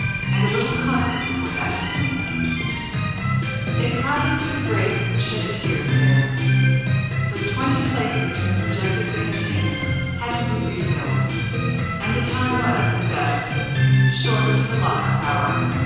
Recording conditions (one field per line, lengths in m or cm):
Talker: one person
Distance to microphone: 7.1 m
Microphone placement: far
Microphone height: 1.7 m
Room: very reverberant, large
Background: music